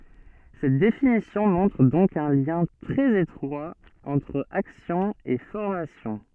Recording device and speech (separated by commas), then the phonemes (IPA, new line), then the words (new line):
soft in-ear microphone, read sentence
sɛt definisjɔ̃ mɔ̃tʁ dɔ̃k œ̃ ljɛ̃ tʁɛz etʁwa ɑ̃tʁ aksjɔ̃ e fɔʁmasjɔ̃
Cette définition montre donc un lien très étroit entre action et formation.